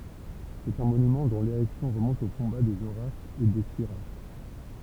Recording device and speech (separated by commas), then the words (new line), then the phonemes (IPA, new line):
temple vibration pickup, read sentence
C'est un monument dont l'érection remonte au combat des Horaces et des Curiaces.
sɛt œ̃ monymɑ̃ dɔ̃ leʁɛksjɔ̃ ʁəmɔ̃t o kɔ̃ba dez oʁasz e de kyʁjas